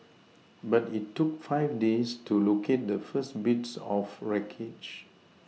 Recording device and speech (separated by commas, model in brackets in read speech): mobile phone (iPhone 6), read sentence